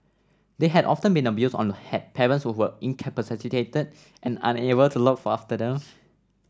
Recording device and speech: standing microphone (AKG C214), read sentence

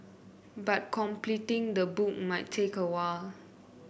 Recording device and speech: boundary microphone (BM630), read sentence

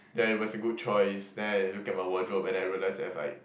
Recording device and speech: boundary microphone, conversation in the same room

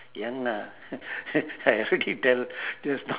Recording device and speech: telephone, conversation in separate rooms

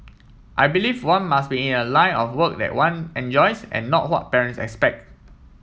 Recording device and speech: mobile phone (iPhone 7), read sentence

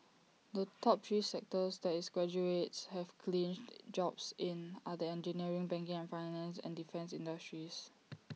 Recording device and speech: mobile phone (iPhone 6), read sentence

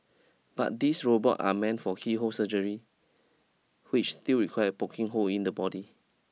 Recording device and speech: mobile phone (iPhone 6), read sentence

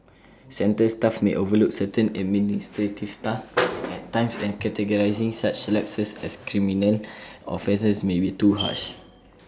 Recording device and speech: standing microphone (AKG C214), read sentence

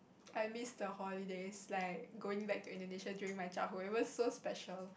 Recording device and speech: boundary microphone, conversation in the same room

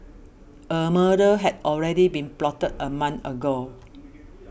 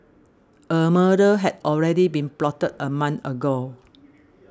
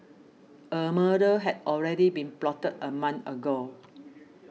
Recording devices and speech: boundary microphone (BM630), standing microphone (AKG C214), mobile phone (iPhone 6), read sentence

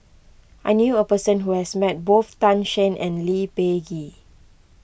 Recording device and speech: boundary microphone (BM630), read sentence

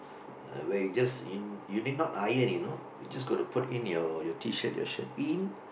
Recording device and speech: boundary microphone, conversation in the same room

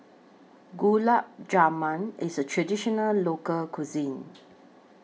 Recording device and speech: mobile phone (iPhone 6), read sentence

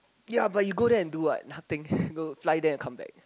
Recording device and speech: close-talking microphone, conversation in the same room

